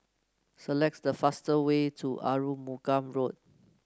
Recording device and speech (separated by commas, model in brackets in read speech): close-talking microphone (WH30), read sentence